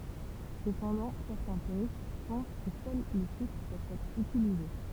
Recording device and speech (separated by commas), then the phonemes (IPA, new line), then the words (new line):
temple vibration pickup, read sentence
səpɑ̃dɑ̃ sɛʁtɛ̃ pyʁist pɑ̃s kə sœl le ʃifʁ pøvt ɛtʁ ytilize
Cependant, certains puristes pensent que seuls les chiffres peuvent être utilisés.